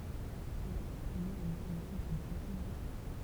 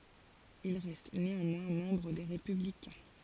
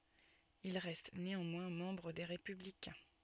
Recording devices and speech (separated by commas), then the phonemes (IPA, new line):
temple vibration pickup, forehead accelerometer, soft in-ear microphone, read sentence
il ʁɛst neɑ̃mwɛ̃ mɑ̃bʁ de ʁepyblikɛ̃